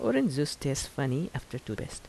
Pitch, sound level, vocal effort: 140 Hz, 78 dB SPL, soft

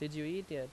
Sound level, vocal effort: 86 dB SPL, loud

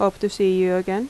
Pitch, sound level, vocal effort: 195 Hz, 83 dB SPL, normal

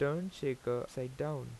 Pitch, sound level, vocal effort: 135 Hz, 85 dB SPL, normal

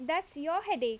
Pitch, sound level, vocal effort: 370 Hz, 87 dB SPL, loud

